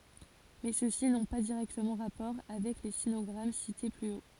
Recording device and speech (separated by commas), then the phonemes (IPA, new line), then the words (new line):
forehead accelerometer, read sentence
mɛ søksi nɔ̃ pa diʁɛktəmɑ̃ ʁapɔʁ avɛk le sinɔɡʁam site ply o
Mais ceux-ci n'ont pas directement rapport avec les sinogrammes cités plus haut.